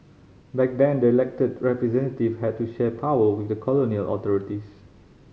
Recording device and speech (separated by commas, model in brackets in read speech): mobile phone (Samsung C5010), read sentence